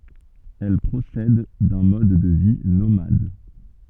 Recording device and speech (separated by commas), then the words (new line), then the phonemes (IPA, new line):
soft in-ear microphone, read sentence
Elles procèdent d'un mode de vie nomade.
ɛl pʁosɛd dœ̃ mɔd də vi nomad